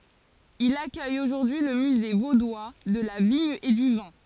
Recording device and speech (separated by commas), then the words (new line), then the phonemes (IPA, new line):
forehead accelerometer, read sentence
Il accueille aujourd'hui le Musée vaudois de la vigne et du vin.
il akœj oʒuʁdyi lə myze vodwa də la viɲ e dy vɛ̃